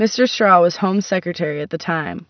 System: none